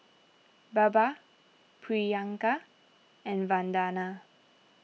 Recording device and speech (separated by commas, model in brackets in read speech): mobile phone (iPhone 6), read sentence